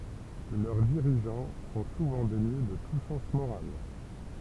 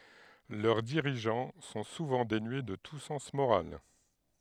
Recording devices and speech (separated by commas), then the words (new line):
temple vibration pickup, headset microphone, read sentence
Leurs dirigeants sont souvent dénués de tout sens moral.